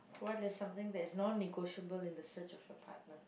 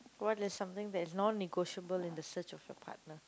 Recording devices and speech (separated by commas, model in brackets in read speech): boundary microphone, close-talking microphone, conversation in the same room